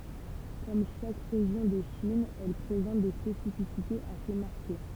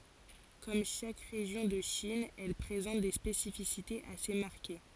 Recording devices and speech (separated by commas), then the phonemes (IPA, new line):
temple vibration pickup, forehead accelerometer, read sentence
kɔm ʃak ʁeʒjɔ̃ də ʃin ɛl pʁezɑ̃t de spesifisitez ase maʁke